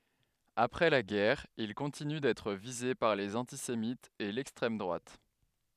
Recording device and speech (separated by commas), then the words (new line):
headset microphone, read sentence
Après la guerre, il continue d'être visé par les antisémites et l'extrême droite.